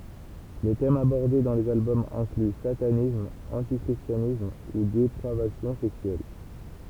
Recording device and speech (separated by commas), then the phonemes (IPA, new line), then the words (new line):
temple vibration pickup, read sentence
le tɛmz abɔʁde dɑ̃ lez albɔmz ɛ̃kly satanism ɑ̃ti kʁistjanism u depʁavasjɔ̃ sɛksyɛl
Les thèmes abordés dans les albums incluent satanisme, anti-christianisme, ou dépravation sexuelle.